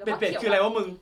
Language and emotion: Thai, happy